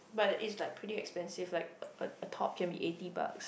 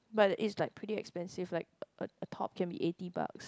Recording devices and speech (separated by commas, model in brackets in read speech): boundary microphone, close-talking microphone, conversation in the same room